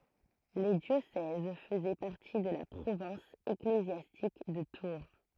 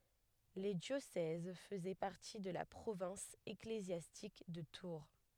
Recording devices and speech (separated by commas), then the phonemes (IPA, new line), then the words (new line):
throat microphone, headset microphone, read sentence
le djosɛz fəzɛ paʁti də la pʁovɛ̃s eklezjastik də tuʁ
Les diocèses faisaient partie de la province ecclésiastique de Tours.